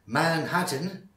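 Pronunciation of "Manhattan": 'Manhattan' is pronounced here in a way that is not really natural.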